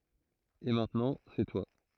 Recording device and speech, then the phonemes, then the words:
throat microphone, read sentence
e mɛ̃tnɑ̃ sɛ twa
Et maintenant, c'est toi.

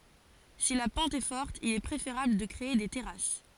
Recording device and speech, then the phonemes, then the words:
forehead accelerometer, read sentence
si la pɑ̃t ɛ fɔʁt il ɛ pʁefeʁabl də kʁee de tɛʁas
Si la pente est forte, il est préférable de créer des terrasses.

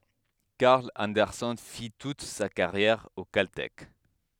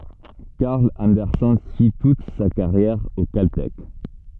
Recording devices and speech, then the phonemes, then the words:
headset microphone, soft in-ear microphone, read sentence
kaʁl ɑ̃dɛʁsɛn fi tut sa kaʁjɛʁ o kaltɛk
Carl Anderson fit toute sa carrière au Caltech.

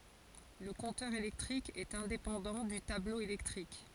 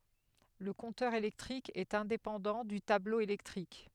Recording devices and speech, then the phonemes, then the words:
forehead accelerometer, headset microphone, read sentence
lə kɔ̃tœʁ elɛktʁik ɛt ɛ̃depɑ̃dɑ̃ dy tablo elɛktʁik
Le compteur électrique est indépendant du tableau électrique.

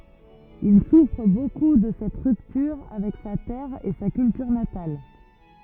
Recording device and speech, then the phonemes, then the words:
rigid in-ear microphone, read sentence
il sufʁ boku də sɛt ʁyptyʁ avɛk sa tɛʁ e sa kyltyʁ natal
Il souffre beaucoup de cette rupture avec sa terre et sa culture natale.

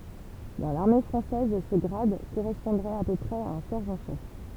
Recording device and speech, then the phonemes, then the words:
temple vibration pickup, read sentence
dɑ̃ laʁme fʁɑ̃sɛz sə ɡʁad koʁɛspɔ̃dʁɛt a pø pʁɛz a œ̃ sɛʁʒɑ̃ ʃɛf
Dans l'armée française, ce grade correspondrait à peu près à un sergent chef.

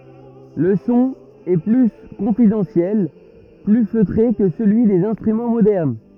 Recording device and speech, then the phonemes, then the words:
rigid in-ear microphone, read sentence
lə sɔ̃ ɛ ply kɔ̃fidɑ̃sjɛl ply føtʁe kə səlyi dez ɛ̃stʁymɑ̃ modɛʁn
Le son est plus confidentiel, plus feutré que celui des instruments modernes.

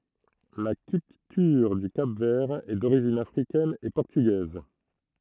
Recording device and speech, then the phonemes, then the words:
throat microphone, read sentence
la kyltyʁ dy kap vɛʁ ɛ doʁiʒin afʁikɛn e pɔʁtyɡɛz
La culture du Cap-Vert est d’origine africaine et portugaise.

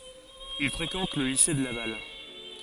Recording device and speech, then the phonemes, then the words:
forehead accelerometer, read sentence
il fʁekɑ̃t lə lise də laval
Il fréquente le lycée de Laval.

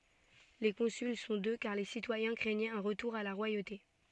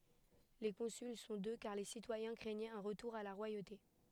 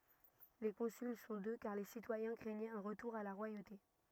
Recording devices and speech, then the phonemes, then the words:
soft in-ear microphone, headset microphone, rigid in-ear microphone, read sentence
le kɔ̃syl sɔ̃ dø kaʁ le sitwajɛ̃ kʁɛɲɛt œ̃ ʁətuʁ a la ʁwajote
Les consuls sont deux car les citoyens craignaient un retour à la royauté.

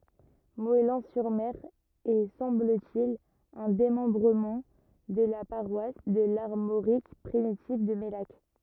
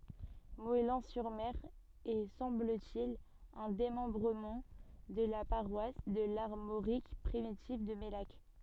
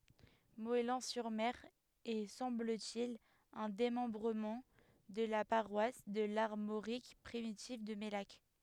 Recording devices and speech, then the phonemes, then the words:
rigid in-ear microphone, soft in-ear microphone, headset microphone, read sentence
mɔɛlɑ̃ syʁ mɛʁ ɛ sɑ̃bl te il œ̃ demɑ̃bʁəmɑ̃ də la paʁwas də laʁmoʁik pʁimitiv də mɛlak
Moëlan-sur-Mer est, semble-t-il, un démembrement de la paroisse de l'Armorique primitive de Mellac.

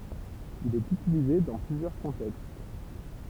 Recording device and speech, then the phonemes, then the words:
temple vibration pickup, read sentence
il ɛt ytilize dɑ̃ plyzjœʁ kɔ̃tɛkst
Il est utilisé dans plusieurs contextes.

